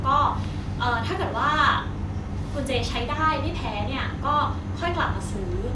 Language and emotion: Thai, neutral